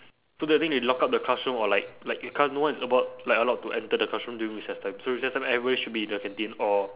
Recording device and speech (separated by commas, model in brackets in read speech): telephone, conversation in separate rooms